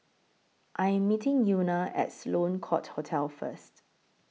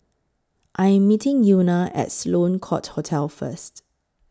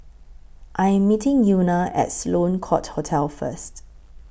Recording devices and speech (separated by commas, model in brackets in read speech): mobile phone (iPhone 6), close-talking microphone (WH20), boundary microphone (BM630), read sentence